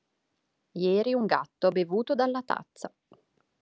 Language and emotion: Italian, neutral